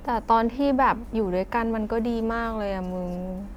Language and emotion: Thai, sad